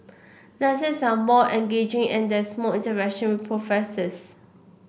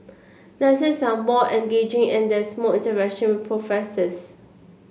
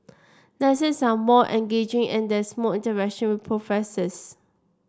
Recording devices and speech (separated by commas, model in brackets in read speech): boundary microphone (BM630), mobile phone (Samsung C7), standing microphone (AKG C214), read sentence